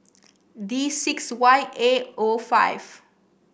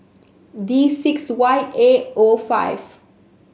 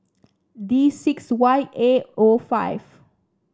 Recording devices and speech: boundary microphone (BM630), mobile phone (Samsung S8), standing microphone (AKG C214), read sentence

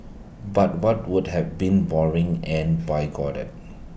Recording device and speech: boundary microphone (BM630), read sentence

